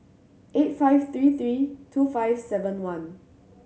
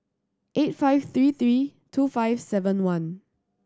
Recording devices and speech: mobile phone (Samsung C7100), standing microphone (AKG C214), read sentence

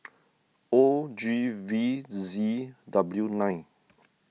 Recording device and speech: mobile phone (iPhone 6), read sentence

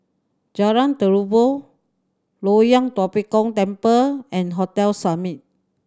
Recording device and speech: standing microphone (AKG C214), read sentence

